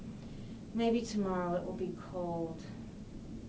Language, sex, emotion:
English, female, sad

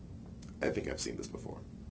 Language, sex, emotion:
English, male, neutral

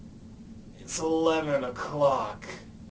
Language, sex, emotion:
English, male, disgusted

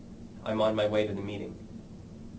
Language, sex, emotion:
English, male, neutral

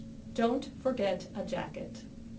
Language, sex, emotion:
English, female, neutral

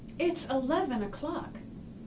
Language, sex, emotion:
English, female, neutral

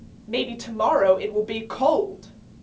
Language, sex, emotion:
English, female, angry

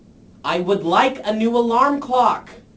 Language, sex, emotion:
English, male, angry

